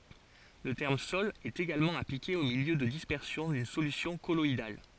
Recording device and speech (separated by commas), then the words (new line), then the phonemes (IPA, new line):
forehead accelerometer, read sentence
Le terme sol est également appliqué au milieu de dispersion d'une solution colloïdale.
lə tɛʁm sɔl ɛt eɡalmɑ̃ aplike o miljø də dispɛʁsjɔ̃ dyn solysjɔ̃ kɔlɔidal